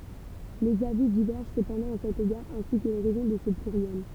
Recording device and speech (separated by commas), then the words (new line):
temple vibration pickup, read sentence
Les avis divergent cependant à cet égard, ainsi que les raisons de ce pluriel.